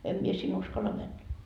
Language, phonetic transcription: Finnish, 'em mie sin 'uskalla männä . »
- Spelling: en minä sinne uskalla mennä

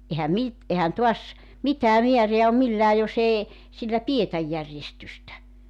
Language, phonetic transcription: Finnish, '’ehäm 'mit , 'ehän tuas , 'mit̀ää 'miäreä om 'millää 'jos ‿ee , 'sillä "pietäj 'järjestystä .
- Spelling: eihän - eihän taas mitään määrää ole millään jos ei sillä pidetä järjestystä

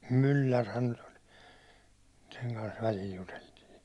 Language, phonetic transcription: Finnish, Myllärhän nyt ‿oĺ , 'seŋ kans väĺil 'juteltii .
- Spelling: Myllärihän nyt oli sen kanssa välillä juteltiin

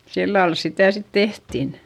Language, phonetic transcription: Finnish, sillal sitä̀ sit tehtin .
- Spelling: sillä lailla sitä sitten tehtiin

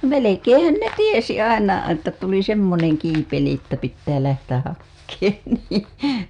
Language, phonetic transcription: Finnish, melekeeḛhän ne "tiesi 'aina että tuli "semmoneŋ 'kiipeli ‿ttä pittää lähtäh 'hakkeen nii .
- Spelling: melkeinhän ne tiesi aina että tuli semmoinen kiipeli että pitää lähteä hakemaan niin

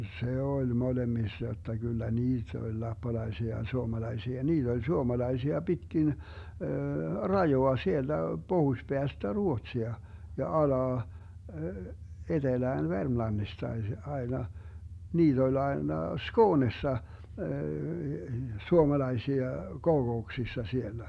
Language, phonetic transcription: Finnish, 'se 'oĺ "molemmissa jotta Gyllä "niit ‿oĺ 'lappalaisia ja 'suomalaisia , 'niit ‿oĺ "suomalaisia 'Bitkin , "rajoa 'sielDä "Bohus'Beästä "Ruotsia , ja 'alaa , 'etelään "Vermlannistai (se) aena , 'niit ‿oĺ 'aena "Skoonessa , 'suomalaisia , 'kokouksissa 'siellä .
- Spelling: se oli molemmissa jotta kyllä niitä oli lappalaisia ja suomalaisia niitä oli suomalaisia pitkin rajaa sieltä pohjoispäästä Ruotsia ja alas etelään Vermlannistakin se aina niitä oli aina Skoonessa suomalaisia kokouksissa siellä

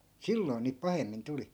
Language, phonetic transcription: Finnish, 'silloi̮n̆ niip 'pahemmin 'tuli .
- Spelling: silloin niin pahemmin tuli

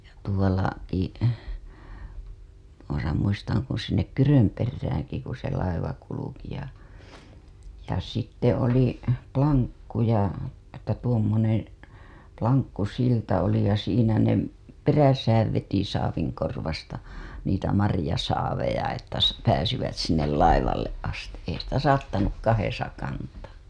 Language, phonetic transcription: Finnish, ja tuola- , -ki , tuosa muistaŋ kun̬ sinnek "Kyrömperrääŋki ku se laiva kuluki ja , ja sitte oli , "poŋkku ja , että tuommoneḛ , 'laŋkkusilta oli ja siinä ne , "peräsääv veti 'saaviŋkorvasta , niitä 'marĭjasaaveja että sa- , pääsivät sinnel 'laivalleˀ ˀasti , ei sitä "saattanuk 'kahesa kantaa .
- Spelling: ja - tuollakin tuossa muistan kun sinne Kyrönperäänkin kun se laiva kulki ja ja sitten oli ponkku ja että tuommoinen lankkusilta oli ja siinä ne perässä veti saavinkorvasta niitä marjasaaveja että - pääsivät sinne laivalle asti ei sitä saattanut kahdessa kantaa

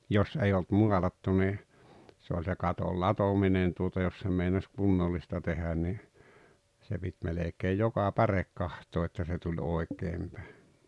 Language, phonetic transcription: Finnish, 'jos 'ei olt 'mualattu ni , se oĺ se 'katol "latominen tuota jos sem meinas 'kunnollista 'tenä ni , se pit 'melekee "joka "pärek "kahtoo että se tuĺ 'oek̆keem pä̀e .
- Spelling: jos ei ollut maalattu niin se oli se katon latominen tuota jos sen meinasi kunnollista tehdä niin se piti melkein joka päre katsoa että se tuli oikein päin

